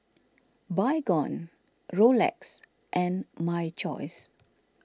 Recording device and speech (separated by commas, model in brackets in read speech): standing microphone (AKG C214), read sentence